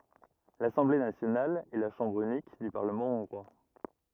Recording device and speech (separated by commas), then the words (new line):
rigid in-ear microphone, read sentence
L'Assemblée nationale est la chambre unique du Parlement hongrois.